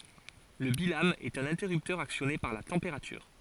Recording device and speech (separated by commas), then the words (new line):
forehead accelerometer, read sentence
Le bilame est un interrupteur actionné par la température.